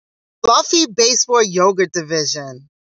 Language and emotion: English, happy